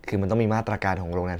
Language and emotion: Thai, frustrated